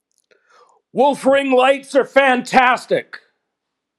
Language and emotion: English, sad